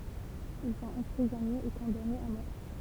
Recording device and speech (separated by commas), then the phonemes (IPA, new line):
temple vibration pickup, read sentence
il sɔ̃t ɑ̃pʁizɔnez e kɔ̃danez a mɔʁ